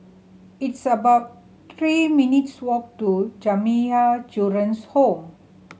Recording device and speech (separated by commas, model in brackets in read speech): mobile phone (Samsung C7100), read sentence